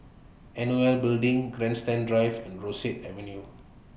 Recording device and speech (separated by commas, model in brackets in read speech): boundary microphone (BM630), read sentence